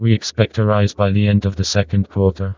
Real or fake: fake